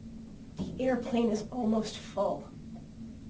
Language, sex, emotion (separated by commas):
English, female, fearful